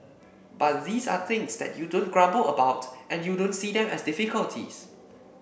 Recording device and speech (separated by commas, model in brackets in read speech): boundary microphone (BM630), read sentence